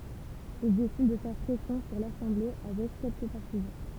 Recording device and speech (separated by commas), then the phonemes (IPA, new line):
temple vibration pickup, read sentence
il desid də fɛʁ pʁɛsjɔ̃ syʁ lasɑ̃ble avɛk kɛlkə paʁtizɑ̃